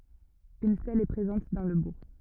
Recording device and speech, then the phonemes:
rigid in-ear microphone, read sentence
yn stɛl ɛ pʁezɑ̃t dɑ̃ lə buʁ

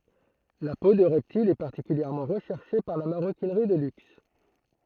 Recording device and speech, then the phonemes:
throat microphone, read sentence
la po də ʁɛptilz ɛ paʁtikyljɛʁmɑ̃ ʁəʃɛʁʃe paʁ la maʁokinʁi də lyks

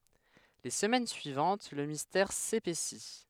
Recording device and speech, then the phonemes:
headset microphone, read sentence
le səmɛn syivɑ̃t lə mistɛʁ sepɛsi

